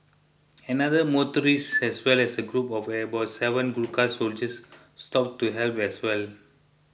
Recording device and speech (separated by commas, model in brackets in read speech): boundary microphone (BM630), read sentence